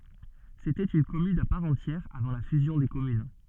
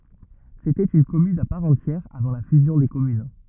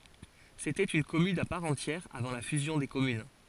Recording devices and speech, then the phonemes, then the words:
soft in-ear microphone, rigid in-ear microphone, forehead accelerometer, read sentence
setɛt yn kɔmyn a paʁ ɑ̃tjɛʁ avɑ̃ la fyzjɔ̃ de kɔmyn
C’était une commune à part entière avant la fusion des communes.

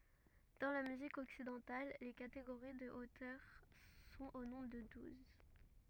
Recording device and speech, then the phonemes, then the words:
rigid in-ear microphone, read sentence
dɑ̃ la myzik ɔksidɑ̃tal le kateɡoʁi də otœʁ sɔ̃t o nɔ̃bʁ də duz
Dans la musique occidentale, les catégories de hauteurs sont au nombre de douze.

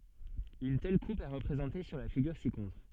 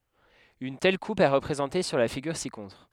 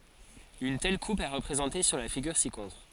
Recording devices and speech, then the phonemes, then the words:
soft in-ear microphone, headset microphone, forehead accelerometer, read sentence
yn tɛl kup ɛ ʁəpʁezɑ̃te syʁ la fiɡyʁ sikɔ̃tʁ
Une telle coupe est représentée sur la figure ci-contre.

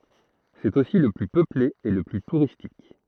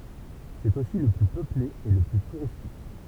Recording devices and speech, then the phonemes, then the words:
throat microphone, temple vibration pickup, read sentence
sɛt osi lə ply pøple e lə ply tuʁistik
C'est aussi le plus peuplé et le plus touristique.

